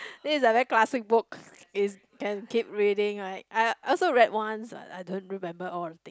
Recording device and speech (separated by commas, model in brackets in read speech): close-talking microphone, conversation in the same room